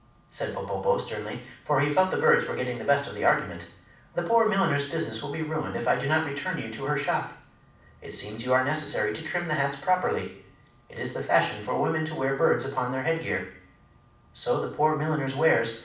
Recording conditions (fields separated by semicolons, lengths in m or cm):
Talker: one person; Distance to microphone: 5.8 m; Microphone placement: far; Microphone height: 1.8 m; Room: medium-sized (5.7 m by 4.0 m); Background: none